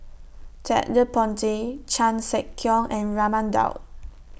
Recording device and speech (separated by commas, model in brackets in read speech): boundary microphone (BM630), read sentence